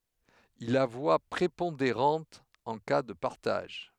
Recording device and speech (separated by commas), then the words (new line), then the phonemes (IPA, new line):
headset microphone, read sentence
Il a voix prépondérante en cas de partage.
il a vwa pʁepɔ̃deʁɑ̃t ɑ̃ ka də paʁtaʒ